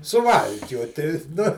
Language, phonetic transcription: Lithuanian, suˈvalkioti nu

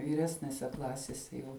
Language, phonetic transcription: Lithuanian, vyˈresnese ˈklasese jau

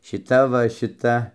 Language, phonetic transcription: Lithuanian, šiˈta va šiˈta

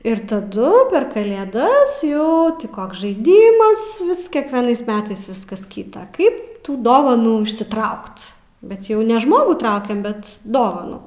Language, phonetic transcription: Lithuanian, ir taˈdu per kalėˈdas jau ti ˈkoks žaiˈdymas ˈvis kekveˈnais ˈmetais ˈviskas kyta ˈkaip ˈtų ˈdovanų išsiˈtraukt bet ˈjau ne ˈžmogų ˈtraukiam ˈbet ˈdovanų

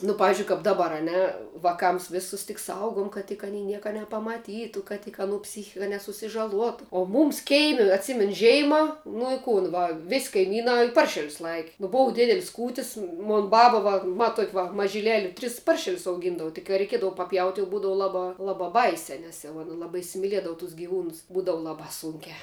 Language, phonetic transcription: Lithuanian, nu ˈpavizdžiui kap ˈdabar a ˈne vaˈkams ˈvėsus tik ˈsaugum kad tik aˈnei ˈnieka nepamaˈtytu kad tik aˈnų ˈpsychika nesusižaˈluotu o ˈmūms ˈkeimi atˈsymenu ˈžeima ˈnu ˈkūn va ˈvis kaiˈmynā ˈparšelius ˈlaiki nu ˈbuv ˈdidelis ˈkūtis ˈmon ˈbaba va va ˈtuok' va mažiˈleli ˈtris ˈparšelius auˈgyndavu tik ka reiˈkiedavu paˈpjaut' jau ˈbūdava ˈlabā ˈlabā ˈbaisiā ˈnes jau ˈana ˈlabā isimiˈliedavu tus giˈvūnus ˈbūdavu ˈlabā ˈsunkiā

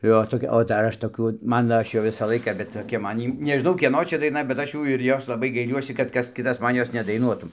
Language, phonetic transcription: Lithuanian, ˈjo toˈkia o dar ˈaš toˈkių ˈmano ˈaš jau ˈvisą ˈlaiką bet toˈkia ˈman ˈjy nežiˈnau ˈkieno ˈčia daiˈna bet ˈaš ˈjų ir ˈjos laˈbai gaiˈliuosi kad ˈkas ˈkitas ˈman ˈjos nedaiˈnuotų

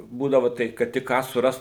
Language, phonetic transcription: Lithuanian, ˈbūdavo ˈtaip kad ˈtik ˈką suˈrast

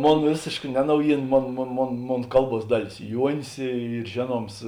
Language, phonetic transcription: Lithuanian, ˈmon ˈvėsėška ˈne ˈnaujyˌna ˈmon ˈmon ˈmon ˈmon ˈkalˌbuos ˈdaˌlės ˈjuonis ˈyr ˈžėˌnuoms

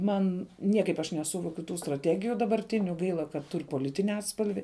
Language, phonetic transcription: Lithuanian, ˈman ˈniekaip aš neˈsuvokiu ˈtų straˈtegiju dabarˈtiniu ˈgaila kad ˈtur' poˈlitini ˈatspalvi

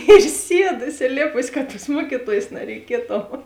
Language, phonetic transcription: Lithuanian, ir ˈsiedu isilˈėpus ˈka tos ˈmuokitojės nareiˈkietu

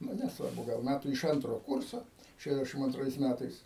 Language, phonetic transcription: Lithuanian, ˈnu nesˈvarbu gal ˈmætų iš ˈantro ˈkurso ˌšeˈdešim anˈtrais ˈmætais

